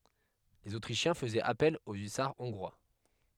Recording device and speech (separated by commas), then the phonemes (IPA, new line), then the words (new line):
headset microphone, read sentence
lez otʁiʃjɛ̃ fəzɛt apɛl o ysaʁ ɔ̃ɡʁwa
Les Autrichiens faisaient appel aux hussards hongrois.